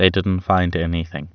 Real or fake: real